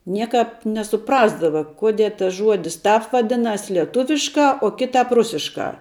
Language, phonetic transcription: Lithuanian, ˈniekāp nesuˈprasdava ˈkodie tas ˈžuodis ˈtāp vaˈdinas lieˈtuviškā o ˈkitāp ˈrusiškā

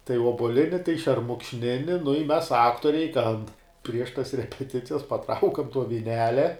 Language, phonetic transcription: Lithuanian, tai obuoˈlini tai šermukšˈnini nu i mes ˈaktoriai ten prieš tas repeˈticijas paˈtraukam tuo viˈnelia

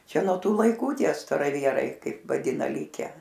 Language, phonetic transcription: Lithuanian, ˈčia nuo ˈtų laiˈkų ˈtie staraˈvierai ˈkaip vaˈdina ˈlike

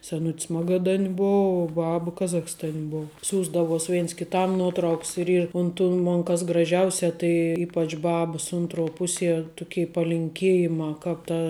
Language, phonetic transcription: Lithuanian, seˈnut's ˈmagadan' ˈbou uo ˈbab ˈkazachstan' ˈbou ˈsiųsdavos ˈvėns kiˈtam ˈnuotrauks ir ˈyr un tų ˈmon kas graˈžiausia tai ˈypač ˈbabəs ˈuntˌruo ˈpuˌsie ˈtuˌkei palinˈkėjimā ˈkāp ta

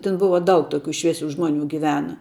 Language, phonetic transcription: Lithuanian, ˈtin ˈbuva ˈdaug ˈtokiu ˈšviesiu ˈžmoniu giˈvena

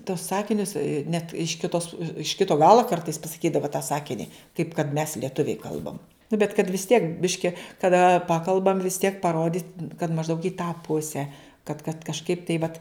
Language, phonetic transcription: Lithuanian, tos ˈsakinius net iš kiˈtos iš ˈkito ˈgalo ˈkartais pasaˈkydava tą ˈsakini kaip kad mes lieˈtuviai ˈkalbam nu bet kad vis tiek ˈbiški kaˈda ˈpakalbam vis tiek paˈrodyt' kad mažˈdaug į tą ˈpuse kad kad kažˈkaip tai vat

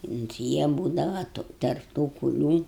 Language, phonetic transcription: Lithuanian, unt ˈjie ˈbūdava tu ˈtarp tų kuˈlių

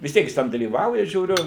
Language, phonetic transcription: Lithuanian, vis ˈtiek jis ˈten dalyˈvauja žiūˈriu

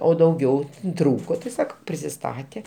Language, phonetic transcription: Lithuanian, o dauˈgiau ˈtrūko ti saˈkau prisiˈstatė

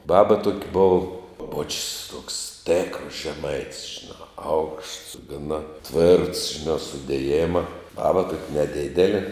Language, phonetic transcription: Lithuanian, ˈbaba tuok' bov o boč's' toks ˈtėkras žeˈmait's' žiˈnā aukšts gaˈna tvėrts žiˈnā sudėˈjėma ˈbaba tuok' neˈdidelė

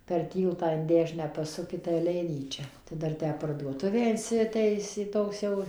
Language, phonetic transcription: Lithuanian, per ˈtyltą in ˈdešinę ˈpasuki tai aˈleinyčia ˈdar ˈtę parduoˈtuvę ˌinsiˈtaisė ˈtoks jau

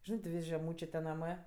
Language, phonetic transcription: Lithuanian, ˈžinɜ ti ˈvis' žeˈmūčė ˈnamɜ

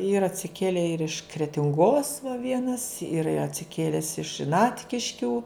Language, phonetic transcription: Lithuanian, ˈyra atsiˈkėlė ir iš kretinˈgos va ˈvienas ˈyra i atsiˈkėles iš ˈnatkiškių

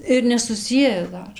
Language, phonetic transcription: Lithuanian, ir nesuˈsieja ˈdar

